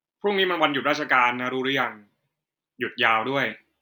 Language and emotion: Thai, neutral